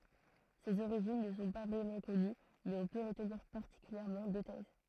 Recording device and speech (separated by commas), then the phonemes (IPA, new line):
throat microphone, read sentence
sez oʁiʒin nə sɔ̃ pa vʁɛmɑ̃ kɔny mɛz ɔ̃ pø ʁətniʁ paʁtikyljɛʁmɑ̃ dø tɛz